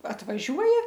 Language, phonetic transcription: Lithuanian, atvaˈžiuoja

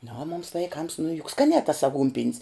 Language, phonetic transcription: Lithuanian, nu o mums vaiˈkams nu juk ˈskanē tas aˈgūnpin's

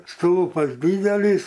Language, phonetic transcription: Lithuanian, ˈstūlpas ˈdydelys

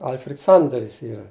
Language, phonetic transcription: Lithuanian, ˈalfred ˈsandaris ˈyra

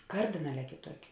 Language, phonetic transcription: Lithuanian, ˈkardinaˌlē kėˈtuoki

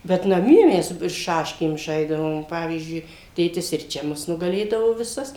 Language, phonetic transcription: Lithuanian, bet naˈmie ˈmes ˈšaškėm ˈžaisdavom ˈpavyzdžiui tėˈtis ir ˈčia ˈmus nugaˈlėdavo viˈsas

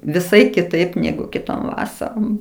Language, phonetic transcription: Lithuanian, viˈsai kiˈtaip ˈnegu kiˈtom ˈvasarom

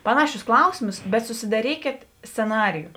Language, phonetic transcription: Lithuanian, ˈpanaˌšius ˈklausimus bet susidaˈrykėt sceˈnariju

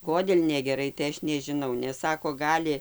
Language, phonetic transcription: Lithuanian, ˈkodėl' negeˈrai tai ˈaš nežiˈnau nes ˈsako ˈgali

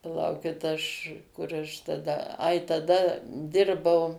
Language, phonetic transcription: Lithuanian, paˈlaukit ˈaš ˈkur aš taˈda ˈai taˈda ˈdirbau

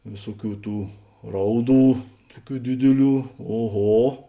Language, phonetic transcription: Lithuanian, ˈvėsuoˌkių ˈtų ˈrauˌdų ˈtuoˌkių ˈdidiˌlių oˈho

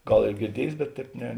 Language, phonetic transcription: Lithuanian, ˈgal ir girˈdiejės bet ˈtēp ne

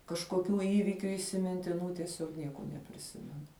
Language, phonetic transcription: Lithuanian, kažkoˈkių ˈįvykiu įsimintiˈnų tieˈsiog ˈnieko nepriˈsimenu

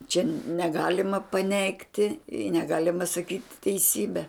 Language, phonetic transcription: Lithuanian, čia neˈgalima paˈneigti i neˈgalima saˈkyt' teiˈsybe

